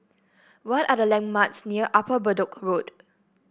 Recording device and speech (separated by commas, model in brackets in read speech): boundary microphone (BM630), read sentence